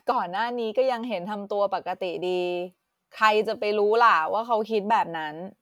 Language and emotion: Thai, frustrated